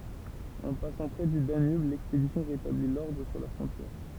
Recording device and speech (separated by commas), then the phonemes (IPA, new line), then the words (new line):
temple vibration pickup, read sentence
ɑ̃ pasɑ̃ pʁɛ dy danyb lɛkspedisjɔ̃ ʁetabli lɔʁdʁ syʁ la fʁɔ̃tjɛʁ
En passant près du Danube, l'expédition rétablit l'ordre sur la frontière.